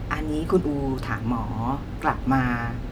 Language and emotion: Thai, neutral